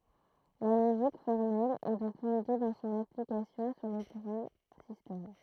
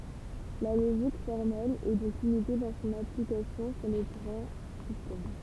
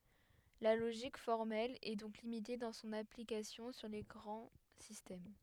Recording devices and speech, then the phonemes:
throat microphone, temple vibration pickup, headset microphone, read sentence
la loʒik fɔʁmɛl ɛ dɔ̃k limite dɑ̃ sɔ̃n aplikasjɔ̃ syʁ le ɡʁɑ̃ sistɛm

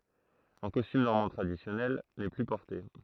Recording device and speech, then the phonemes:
throat microphone, read sentence
ɑ̃ kɔstym nɔʁmɑ̃ tʁadisjɔnɛl nɛ ply pɔʁte

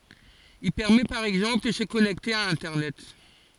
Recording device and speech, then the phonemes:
forehead accelerometer, read sentence
il pɛʁmɛ paʁ ɛɡzɑ̃pl də sə kɔnɛkte a ɛ̃tɛʁnɛt

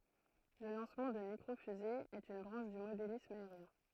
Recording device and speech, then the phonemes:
throat microphone, read sentence
lə lɑ̃smɑ̃ də mikʁo fyze ɛt yn bʁɑ̃ʃ dy modelism aeʁjɛ̃

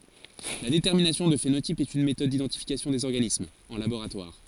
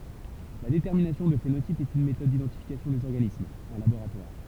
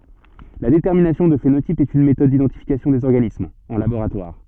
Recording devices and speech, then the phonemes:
forehead accelerometer, temple vibration pickup, soft in-ear microphone, read sentence
la detɛʁminasjɔ̃ dy fenotip ɛt yn metɔd didɑ̃tifikasjɔ̃ dez ɔʁɡanismz ɑ̃ laboʁatwaʁ

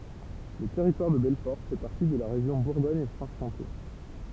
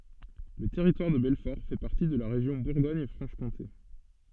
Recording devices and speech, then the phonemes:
temple vibration pickup, soft in-ear microphone, read sentence
lə tɛʁitwaʁ də bɛlfɔʁ fɛ paʁti də la ʁeʒjɔ̃ buʁɡɔɲ fʁɑ̃ʃ kɔ̃te

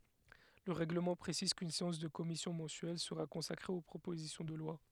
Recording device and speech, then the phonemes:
headset microphone, read sentence
lə ʁɛɡləmɑ̃ pʁesiz kyn seɑ̃s də kɔmisjɔ̃ mɑ̃syɛl səʁa kɔ̃sakʁe o pʁopozisjɔ̃ də lwa

